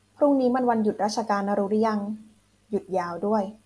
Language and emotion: Thai, neutral